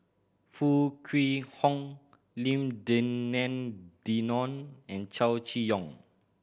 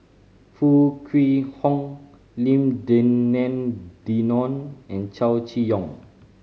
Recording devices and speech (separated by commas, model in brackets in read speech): boundary microphone (BM630), mobile phone (Samsung C5010), read sentence